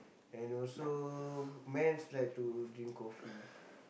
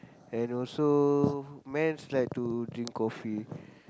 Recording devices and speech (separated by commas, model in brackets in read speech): boundary microphone, close-talking microphone, conversation in the same room